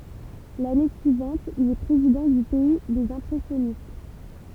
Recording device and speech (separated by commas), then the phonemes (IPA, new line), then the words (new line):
temple vibration pickup, read sentence
lane syivɑ̃t il ɛ pʁezidɑ̃ dy pɛi dez ɛ̃pʁɛsjɔnist
L'année suivante, il est président du Pays des Impressionnistes.